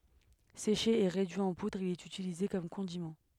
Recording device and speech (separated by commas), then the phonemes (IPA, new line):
headset microphone, read sentence
seʃe e ʁedyi ɑ̃ pudʁ il ɛt ytilize kɔm kɔ̃dimɑ̃